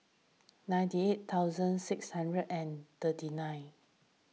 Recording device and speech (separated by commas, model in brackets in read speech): mobile phone (iPhone 6), read sentence